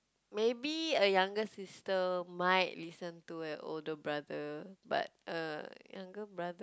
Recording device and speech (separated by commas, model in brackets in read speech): close-talking microphone, conversation in the same room